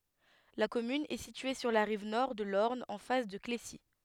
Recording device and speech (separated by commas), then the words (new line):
headset microphone, read sentence
La commune est située sur la rive nord de l'Orne en face de Clécy.